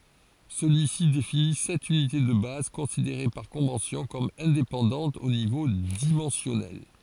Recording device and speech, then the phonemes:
forehead accelerometer, read sentence
səlyisi defini sɛt ynite də baz kɔ̃sideʁe paʁ kɔ̃vɑ̃sjɔ̃ kɔm ɛ̃depɑ̃dɑ̃tz o nivo dimɑ̃sjɔnɛl

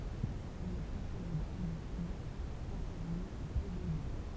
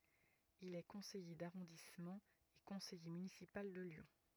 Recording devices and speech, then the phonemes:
temple vibration pickup, rigid in-ear microphone, read sentence
il ɛ kɔ̃sɛje daʁɔ̃dismɑ̃ e kɔ̃sɛje mynisipal də ljɔ̃

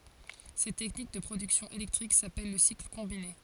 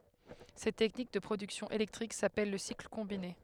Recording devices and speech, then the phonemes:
forehead accelerometer, headset microphone, read sentence
sɛt tɛknik də pʁodyksjɔ̃ elɛktʁik sapɛl lə sikl kɔ̃bine

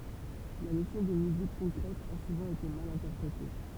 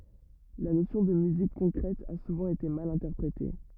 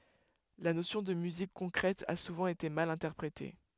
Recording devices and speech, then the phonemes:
temple vibration pickup, rigid in-ear microphone, headset microphone, read sentence
la nosjɔ̃ də myzik kɔ̃kʁɛt a suvɑ̃ ete mal ɛ̃tɛʁpʁete

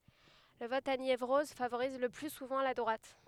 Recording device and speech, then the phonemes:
headset microphone, read sentence
lə vɔt a njevʁɔz favoʁiz lə ply suvɑ̃ la dʁwat

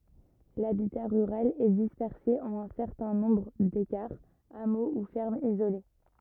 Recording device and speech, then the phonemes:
rigid in-ear microphone, read sentence
labita ʁyʁal ɛ dispɛʁse ɑ̃n œ̃ sɛʁtɛ̃ nɔ̃bʁ dekaʁz amo u fɛʁmz izole

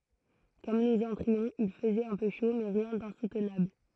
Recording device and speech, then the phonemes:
throat microphone, read sentence
kɔm nuz ɑ̃tʁiɔ̃z il fəzɛt œ̃ pø ʃo mɛ ʁjɛ̃ dɛ̃sutnabl

